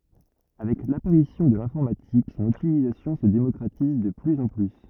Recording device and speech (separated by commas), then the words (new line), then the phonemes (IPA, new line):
rigid in-ear microphone, read sentence
Avec l'apparition de l'informatique, son utilisation se démocratise de plus en plus.
avɛk lapaʁisjɔ̃ də lɛ̃fɔʁmatik sɔ̃n ytilizasjɔ̃ sə demɔkʁatiz də plyz ɑ̃ ply